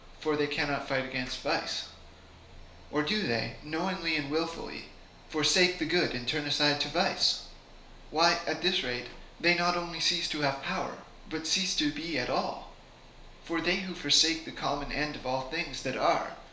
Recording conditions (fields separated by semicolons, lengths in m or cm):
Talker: one person; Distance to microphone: 1.0 m; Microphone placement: close; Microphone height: 1.1 m; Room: small (3.7 m by 2.7 m); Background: none